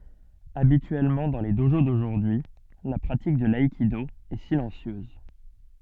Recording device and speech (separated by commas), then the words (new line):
soft in-ear microphone, read sentence
Habituellement dans les dojo d'aujourd'hui, la pratique de l'aïkido est silencieuse.